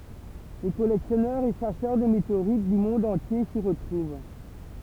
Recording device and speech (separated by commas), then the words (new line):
temple vibration pickup, read sentence
Les collectionneurs et chasseurs de météorites du monde entier s’y retrouvent.